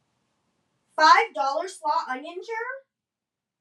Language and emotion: English, disgusted